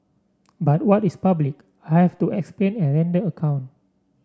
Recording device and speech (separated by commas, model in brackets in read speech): standing microphone (AKG C214), read sentence